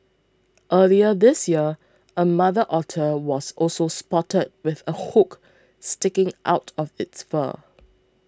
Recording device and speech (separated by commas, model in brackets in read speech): close-talking microphone (WH20), read sentence